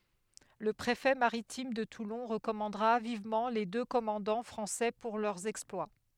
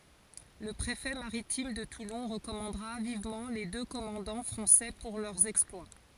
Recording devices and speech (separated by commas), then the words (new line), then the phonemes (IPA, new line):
headset microphone, forehead accelerometer, read sentence
Le préfet maritime de Toulon recommandera vivement les deux commandants français pour leur exploit.
lə pʁefɛ maʁitim də tulɔ̃ ʁəkɔmɑ̃dʁa vivmɑ̃ le dø kɔmɑ̃dɑ̃ fʁɑ̃sɛ puʁ lœʁ ɛksplwa